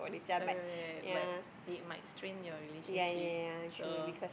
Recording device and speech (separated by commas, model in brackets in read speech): boundary microphone, conversation in the same room